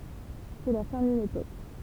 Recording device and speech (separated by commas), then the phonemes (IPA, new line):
temple vibration pickup, read sentence
sɛ la fɛ̃ dyn epok